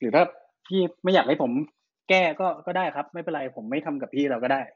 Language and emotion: Thai, frustrated